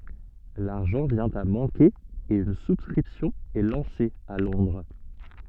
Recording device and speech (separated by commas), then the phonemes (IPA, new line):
soft in-ear microphone, read sentence
laʁʒɑ̃ vjɛ̃ a mɑ̃ke e yn suskʁipsjɔ̃ ɛ lɑ̃se a lɔ̃dʁ